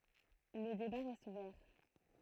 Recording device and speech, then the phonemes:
throat microphone, read sentence
lə deba ʁɛst uvɛʁ

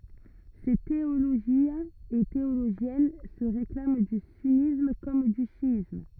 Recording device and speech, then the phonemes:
rigid in-ear microphone, read sentence
se teoloʒjɛ̃z e teoloʒjɛn sə ʁeklam dy synism kɔm dy ʃjism

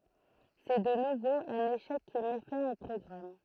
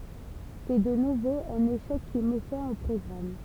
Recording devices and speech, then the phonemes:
throat microphone, temple vibration pickup, read sentence
sɛ də nuvo œ̃n eʃɛk ki mɛ fɛ̃ o pʁɔɡʁam

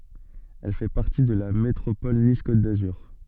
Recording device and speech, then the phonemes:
soft in-ear microphone, read sentence
ɛl fɛ paʁti də la metʁopɔl nis kot dazyʁ

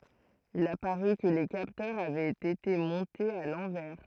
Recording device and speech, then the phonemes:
throat microphone, read sentence
il apaʁy kə le kaptœʁz avɛt ete mɔ̃tez a lɑ̃vɛʁ

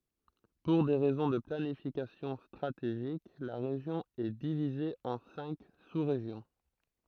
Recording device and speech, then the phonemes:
throat microphone, read sentence
puʁ de ʁɛzɔ̃ də planifikasjɔ̃ stʁateʒik la ʁeʒjɔ̃ ɛ divize ɑ̃ sɛ̃k susʁeʒjɔ̃

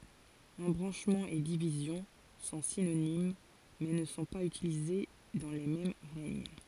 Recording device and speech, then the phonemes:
forehead accelerometer, read sentence
ɑ̃bʁɑ̃ʃmɑ̃ e divizjɔ̃ sɔ̃ sinonim mɛ nə sɔ̃ paz ytilize dɑ̃ le mɛm ʁɛɲ

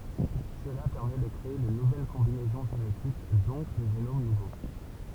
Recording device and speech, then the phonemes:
temple vibration pickup, read sentence
səla pɛʁmɛ də kʁee də nuvɛl kɔ̃binɛzɔ̃ ʒenetik dɔ̃k de ʒenom nuvo

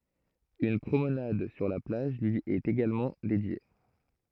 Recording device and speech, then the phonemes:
throat microphone, read sentence
yn pʁomnad syʁ la plaʒ lyi ɛt eɡalmɑ̃ dedje

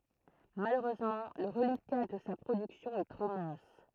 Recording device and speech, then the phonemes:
throat microphone, read sentence
maløʁøzmɑ̃ lə ʁəlika də sa pʁodyksjɔ̃ ɛ tʁo mɛ̃s

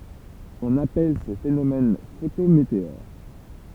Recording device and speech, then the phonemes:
temple vibration pickup, read sentence
ɔ̃n apɛl se fenomɛn fotometeoʁ

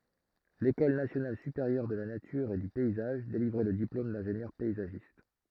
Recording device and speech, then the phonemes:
throat microphone, read sentence
lekɔl nasjonal sypeʁjœʁ də la natyʁ e dy pɛizaʒ delivʁɛ lə diplom dɛ̃ʒenjœʁ pɛizaʒist

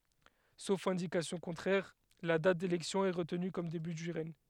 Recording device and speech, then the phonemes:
headset microphone, read sentence
sof ɛ̃dikasjɔ̃ kɔ̃tʁɛʁ la dat delɛksjɔ̃ ɛ ʁətny kɔm deby dy ʁɛɲ

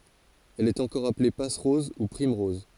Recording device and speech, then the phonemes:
forehead accelerometer, read sentence
ɛl ɛt ɑ̃kɔʁ aple pasʁɔz u pʁimʁɔz

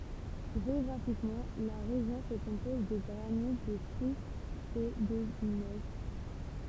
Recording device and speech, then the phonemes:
temple vibration pickup, read sentence
ʒeɔɡʁafikmɑ̃ la ʁeʒjɔ̃ sə kɔ̃pɔz də ɡʁanit də ʃistz e də ɲɛs

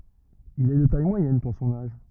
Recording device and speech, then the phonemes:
rigid in-ear microphone, read sentence
il ɛ də taj mwajɛn puʁ sɔ̃n aʒ

